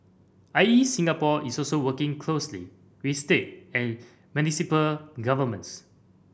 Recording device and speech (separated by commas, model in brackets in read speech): boundary microphone (BM630), read sentence